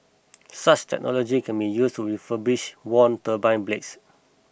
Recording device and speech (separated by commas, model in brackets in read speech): boundary microphone (BM630), read sentence